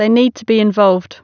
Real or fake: real